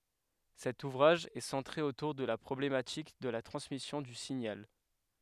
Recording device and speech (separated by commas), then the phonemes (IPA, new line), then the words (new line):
headset microphone, read sentence
sɛt uvʁaʒ ɛ sɑ̃tʁe otuʁ də la pʁɔblematik də la tʁɑ̃smisjɔ̃ dy siɲal
Cet ouvrage est centré autour de la problématique de la transmission du signal.